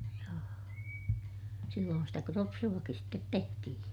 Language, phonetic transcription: Finnish, joo , silloon sitä kropsu₍akis stet tehtihiḭ .
- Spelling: joo silloin sitä kropsuakin sitten tehtiin

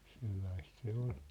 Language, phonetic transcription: Finnish, sellaist se 'oʟ .
- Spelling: sellaista se oli

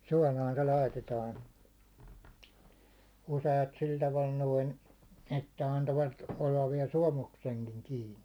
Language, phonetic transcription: Finnish, 'suålaan 'se 'laitetaan , 'use₍at 'sil taval 'noin , että 'antovat 'ollav viɛl "suåmukseŋkiŋ 'kiini .
- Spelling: suolaan se laitetaan useat sillä tavalla noin että antoivat olla vielä suomuksenkin kiinni

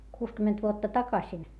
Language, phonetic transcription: Finnish, kuuskymment vuotta takasin ?
- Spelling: kuusikymmentä vuotta takaisin

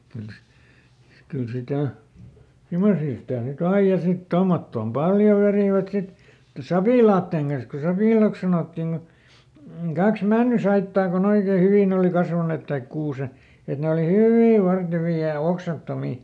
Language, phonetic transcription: Finnish, ˈkyl si- , ˈkyl ˈsitä̀ , "simosii sitä̀ nyˈt ‿aij ja sit ˈtommottoom "paljo verìvät ˈsit , "sapìlaattèŋ kans ku ˈsapìlàks sanòttiŋ Gu , ˈkaks "männysaittaa koˈn ‿oikee ˈhyvìn ‿òli ˈkasvanet taik ˈkuuse- , et ˈne oli "hyvì ˈvartevii ja "oksattomi .
- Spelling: kyllä - kyllä sitä semmoisia sitä nyt aina ja sitten tuommottoon paljon vetivät sitten sapilaiden kanssa kun sapilaiksi sanottiin kun kaksi männynsaittaa kun oikein hyvin oli kasvaneet tai - että ne oli hyvin vartevia ja oksattomia

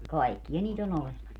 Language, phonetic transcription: Finnish, "kaikkiʲa 'niit ‿on 'olemas .
- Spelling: kaikkia niitä on olemassa

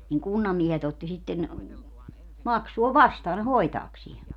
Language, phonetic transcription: Finnish, niŋ 'kunnammiehet otti sitten , "maksuo "vastaa ne "hoitaaksie .
- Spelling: niin kunnanmiehet otti sitten maksua vastaan ne hoitaakseen

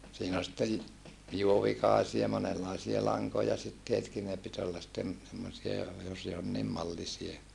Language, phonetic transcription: Finnish, siin ‿ol sittej , juovikàesia monellàisie laŋkoja sittietki ne pit olla sittem , semmosia , jos jonniim mallisie .
- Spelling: siinä oli sitten juovikaisia monenlaisia lankoja siteetkin ne piti olla sitten semmoisia jos jonkin mallisia

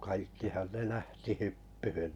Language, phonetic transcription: Finnish, kaikkihan 'ne 'lähti 'hyppyhyn .
- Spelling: kaikkihan ne lähti hyppyyn

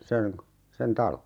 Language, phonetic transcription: Finnish, 'seŋ (ko-) , sen "talo .
- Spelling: sen - sen talon

